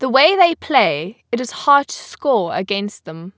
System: none